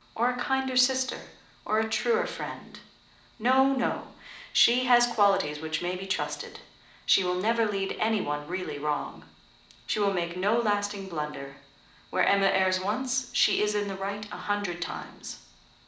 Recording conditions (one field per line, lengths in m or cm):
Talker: one person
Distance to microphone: 2.0 m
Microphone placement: close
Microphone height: 99 cm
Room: medium-sized (5.7 m by 4.0 m)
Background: none